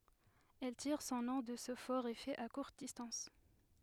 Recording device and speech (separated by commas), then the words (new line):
headset microphone, read sentence
Elle tire son nom de ce fort effet à courte distance.